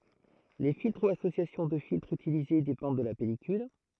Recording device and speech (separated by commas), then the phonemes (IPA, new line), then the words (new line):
throat microphone, read sentence
le filtʁ u asosjasjɔ̃ də filtʁz ytilize depɑ̃d də la pɛlikyl
Les filtres ou associations de filtres utilisés dépendent de la pellicule.